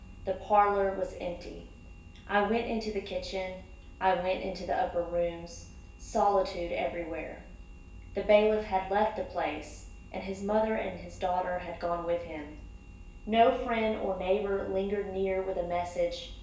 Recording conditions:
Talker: one person; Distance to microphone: 1.8 m; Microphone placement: close; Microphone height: 1.0 m; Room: large; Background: none

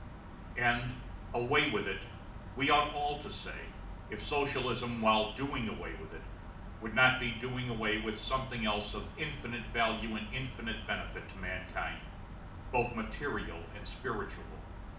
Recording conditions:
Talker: one person; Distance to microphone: 2.0 m; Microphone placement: close; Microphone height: 99 cm; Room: medium-sized (5.7 m by 4.0 m); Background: none

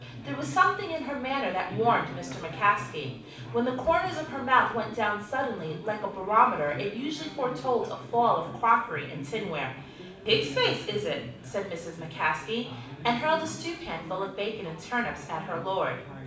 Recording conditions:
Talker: one person; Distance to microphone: 5.8 m; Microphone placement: far; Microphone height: 1.8 m; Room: medium-sized (5.7 m by 4.0 m); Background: babble

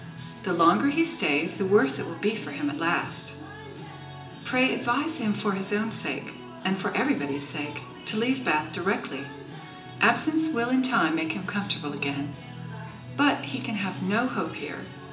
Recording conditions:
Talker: one person; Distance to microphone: 1.8 m; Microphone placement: close; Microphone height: 1.0 m; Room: large; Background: music

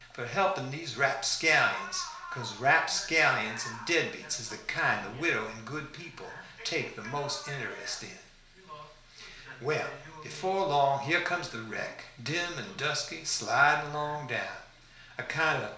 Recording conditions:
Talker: one person; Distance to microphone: 1.0 m; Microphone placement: close; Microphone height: 1.1 m; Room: small (3.7 m by 2.7 m); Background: television

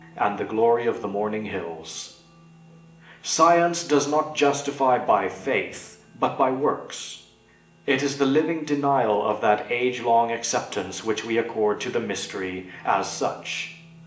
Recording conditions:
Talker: one person; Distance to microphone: 1.8 m; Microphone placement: close; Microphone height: 1.0 m; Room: large; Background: music

